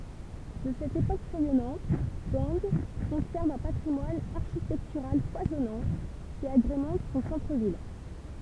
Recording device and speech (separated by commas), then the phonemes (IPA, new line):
temple vibration pickup, read sentence
də sɛt epok ʁɛjɔnɑ̃t ɡɑ̃ kɔ̃sɛʁv œ̃ patʁimwan aʁʃitɛktyʁal fwazɔnɑ̃ ki aɡʁemɑ̃t sɔ̃ sɑ̃tʁ vil